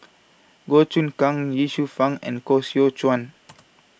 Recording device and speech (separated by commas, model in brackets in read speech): boundary microphone (BM630), read sentence